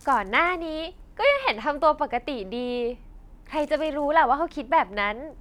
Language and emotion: Thai, happy